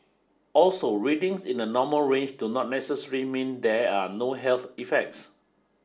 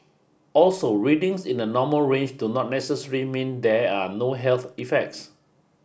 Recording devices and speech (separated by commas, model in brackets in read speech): standing microphone (AKG C214), boundary microphone (BM630), read sentence